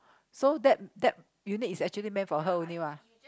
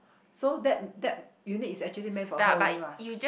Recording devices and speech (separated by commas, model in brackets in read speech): close-talking microphone, boundary microphone, conversation in the same room